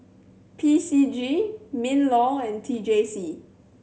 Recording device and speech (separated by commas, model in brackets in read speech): mobile phone (Samsung C7100), read sentence